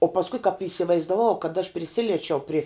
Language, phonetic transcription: Lithuanian, o pasˈkui kap įsivaizdaˈvau kad aš priˈsiliečiau pri

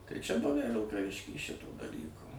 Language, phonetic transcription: Lithuanian, tai čia ˈbuvæ vilkaˈvišky ˈšito daˈlyko

